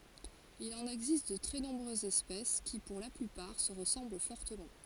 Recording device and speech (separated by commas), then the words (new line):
forehead accelerometer, read sentence
Il en existe de très nombreuses espèces, qui, pour la plupart, se ressemblent fortement.